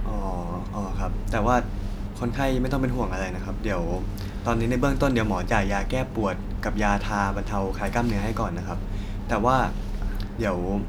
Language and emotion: Thai, neutral